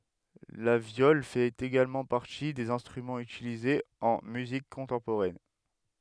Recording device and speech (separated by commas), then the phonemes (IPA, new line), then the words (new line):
headset microphone, read sentence
la vjɔl fɛt eɡalmɑ̃ paʁti dez ɛ̃stʁymɑ̃z ytilizez ɑ̃ myzik kɔ̃tɑ̃poʁɛn
La viole fait également partie des instruments utilisés en musique contemporaine.